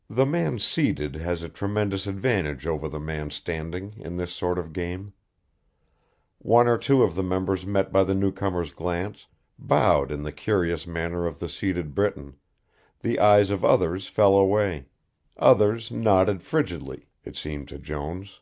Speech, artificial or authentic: authentic